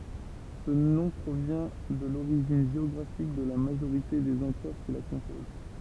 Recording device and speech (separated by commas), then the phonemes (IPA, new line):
temple vibration pickup, read sentence
sə nɔ̃ pʁovjɛ̃ də loʁiʒin ʒeɔɡʁafik də la maʒoʁite dez ɑ̃pʁœʁ ki la kɔ̃poz